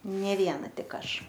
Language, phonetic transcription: Lithuanian, ˈnė ˈviena ˈtik ˈaš

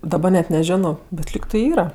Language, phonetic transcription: Lithuanian, daˈba net neˈženo bet ˈlyg tai ˈyra

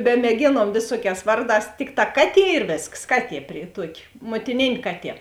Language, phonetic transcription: Lithuanian, bemėˈgėnuom ˈvėsuoˌkēs ˈvarˌdās ˈtikˌtā ˈkaˌtie ir ˈvėsks ˈkaˌtie pri ˈtuoki muotiˈnėn' ˈkaˌtie

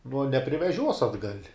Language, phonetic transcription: Lithuanian, nuo nepriveˈžiuos atˈgal'

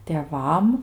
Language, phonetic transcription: Lithuanian, tėˈvam

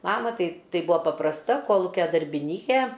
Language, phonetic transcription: Lithuanian, ˈmama ˈtai ˈtai ˈbua paprasˈta ˈkolukia darbiˈnykė

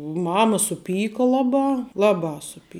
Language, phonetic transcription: Lithuanian, ˈmama suˈpyka ˈlaˌbā ˈlaˌbā suˈpy

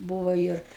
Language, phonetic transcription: Lithuanian, ˈbūvo ˈir

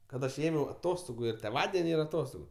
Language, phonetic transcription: Lithuanian, kad ˈaš ˈėmiau aˈtostogu ir tėˈvadeni ir aˈtostogu

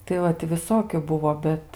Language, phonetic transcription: Lithuanian, tai ˈvat ti viˈsokiu ˈbuvo ˈbet

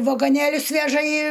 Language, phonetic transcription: Lithuanian, vagoˈnėlius ˈveža į

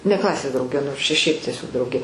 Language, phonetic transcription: Lithuanian, ne ˈklasės drauˈge nors ˈčia ˈšiaip tieˈsiog ˈdraugė

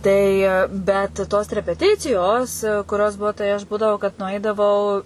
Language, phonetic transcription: Lithuanian, ˈtai ˈbet tos repeˈticijos kuˈrios ˈbuo tai aš ˈbūdavo kad nuˈaidavau

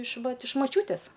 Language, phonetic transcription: Lithuanian, iš ˈvat iš maˈčiūtės

